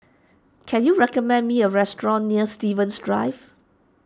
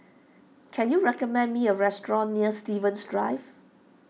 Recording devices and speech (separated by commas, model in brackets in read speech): standing microphone (AKG C214), mobile phone (iPhone 6), read sentence